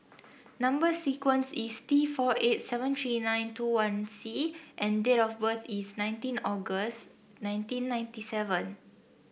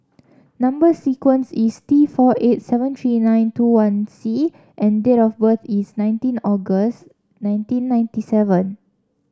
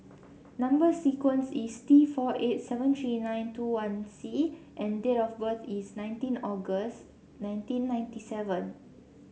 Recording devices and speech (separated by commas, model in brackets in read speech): boundary microphone (BM630), standing microphone (AKG C214), mobile phone (Samsung C7), read sentence